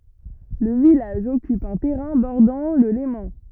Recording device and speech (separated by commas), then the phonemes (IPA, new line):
rigid in-ear microphone, read sentence
lə vilaʒ ɔkyp œ̃ tɛʁɛ̃ bɔʁdɑ̃ lə lemɑ̃